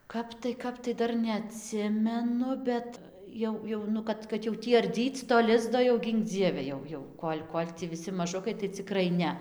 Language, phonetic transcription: Lithuanian, ˈkap tai ˈkap tai ˈdar neaˈtsimenu ˈbet ˈjau ˈjau nu ˈkad kad jau ˈtį arˈdyc to ˈlizdo jau ˈgynk ˈdzieve ˈjau ˈjau ˈkol' ˈkol' tį viˈsi maˈžukai tai ciˈkrai ˈne

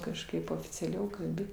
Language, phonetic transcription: Lithuanian, kažˈkaip oficiaˈliau kalˈbi

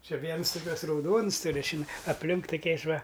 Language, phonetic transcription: Lithuanian, či ˈviens tuˈkiuos rauˈdons tuˈriu čiˈnai apˈlink tuˈkiais ˈva

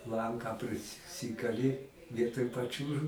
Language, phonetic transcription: Lithuanian, ˈlanką prisˈsikali ˈvietoj paˈčiūžu

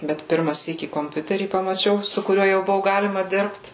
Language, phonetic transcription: Lithuanian, bet ˈpirma ˈsykį komˈpiuterį pamaˈčiau su kuˈriuo jau ˈbuvu ˈgalima ˈdirbt

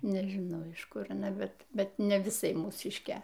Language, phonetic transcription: Lithuanian, nežiˈnau iš ˈkur aˈna ˈbet ˈbet ne viˈsai mūˈsiškė

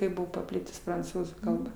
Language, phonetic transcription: Lithuanian, ˈkaip ˈbuvo paˈplitus pranˈcūzų ˈkalba

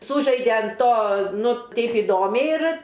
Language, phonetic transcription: Lithuanian, ˈsūžaide an ˈto ˈnu ˈtaip iˈdomiai ir

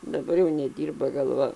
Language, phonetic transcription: Lithuanian, daˈbar jau neˈdyrba galˈva

